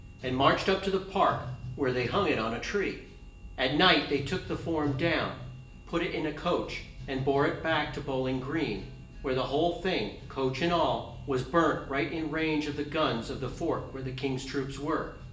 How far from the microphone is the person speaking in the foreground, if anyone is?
1.8 m.